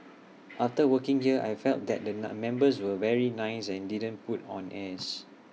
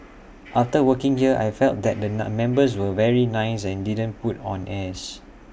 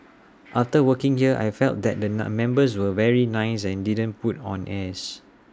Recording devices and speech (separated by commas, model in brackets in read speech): mobile phone (iPhone 6), boundary microphone (BM630), standing microphone (AKG C214), read sentence